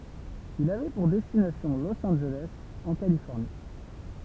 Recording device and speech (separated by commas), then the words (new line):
temple vibration pickup, read sentence
Il avait pour destination Los Angeles, en Californie.